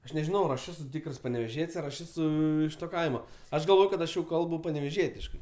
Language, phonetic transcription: Lithuanian, ˈaš nežiˈnau ar ˈaš ˈesu ˈtykrs paneveˈžiet's' ar aš ˈesu iš to ˈkaimo ˈaš galˈvoj kad ˈaš jau ˈkalbu paneveˈžietiškai

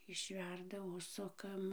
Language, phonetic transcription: Lithuanian, išˈverda ˈužsukam

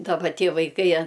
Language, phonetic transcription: Lithuanian, daˈba ˈtie vaiˈkai a

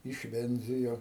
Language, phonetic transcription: Lithuanian, išˈvendzijo

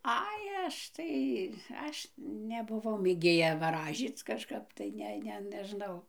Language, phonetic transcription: Lithuanian, ˈai ˈaš tai ˈaš nebuˈvau mėˈgėja vaˈražyc kažˈkap tai ˈne ˈne neˈžnau

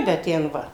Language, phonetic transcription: Lithuanian, bet ˈten ˈva

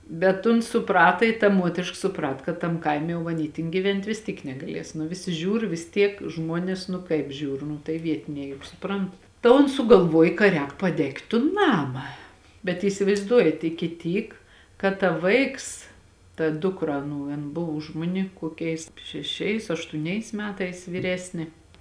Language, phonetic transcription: Lithuanian, bet ˈuns suˈprata i ta ˈmuotrišk suˈprat kad ˈtam ˈkaime jau aˈny tin gyˈvent' vis ˈtyk negaˈlies nu ˈvisi ˈžiūr vis ˈtiek ˈžmuonės nu ˈkaip ˈžiūr nu tai ˈvietiniai juk suˈprant ta ˈons sugalˈvuoj ka ˈrēk paˈdegt' tun ˈnama bet įsivaizˈduojat iki ˈtyk kad ta ˈvaiks ta ˈdukra ˈaˌnų ˈan ˈbuvo už ˈmuni kuoˈkiais šeˈšiais aštūˈniais ˈmetais vyˈresnė

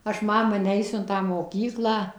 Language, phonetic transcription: Lithuanian, ˈaš ˈmama ˈneisiu in ˈtą moˈkyklą

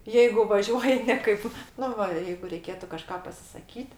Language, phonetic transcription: Lithuanian, jeigu ˈvažiuoji ˈne kaip ˈnu va jeigu reiˈkėtu kaˈžką pasisaˈkyt

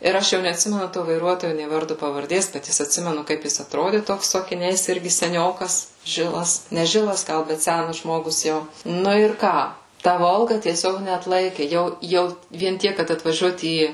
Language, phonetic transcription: Lithuanian, ir ˈaš jau neatˈsimenu to vaiˈruotoju nė ˈvardu pavarˈdės bet ˈjis atˈsimenu ˈkaip jis atˈrodi ˈtoks su akiˈniais ˈirgi seˈniokas ˈžilas ne ˈžilas ˈgal ˈbet ˈsænas ˈžmogus ˈjau ˈnu ir ˈką ˈta ˈvolga tieˈsiog neatˈlaiki ˈjau ˈjau vien ˈtiek kad atvaˈžiuot ˈį

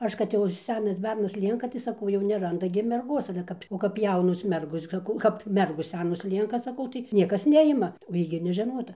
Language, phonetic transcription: Lithuanian, ˈaš kad ˈjau ir ˈsenas ˈbernas ˈlienka tai saˈkau jau nerˈanda gi merˈgos ale ˈkap o kap ˈjaunos ˈmergos saˈkau kap ˈmergos ˈsenos ˈlienka saˈkau tai ˈniekas ˈnejima o ˈjy gi nežeˈnota

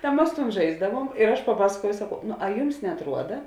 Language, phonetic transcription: Lithuanian, ta ˈmas tūn ˈžaisdavuom ir ˈaš paˈpaskuojau saˈkau nu a ˈjums neatˈruoda

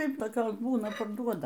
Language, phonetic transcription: Lithuanian, ˈtaip toˈkios ˈbūna parˈduoda

